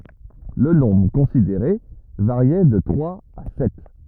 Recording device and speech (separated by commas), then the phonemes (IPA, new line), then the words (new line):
rigid in-ear microphone, read sentence
lə nɔ̃bʁ kɔ̃sideʁe vaʁjɛ də tʁwaz a sɛt
Le nombre considéré variait de trois à sept.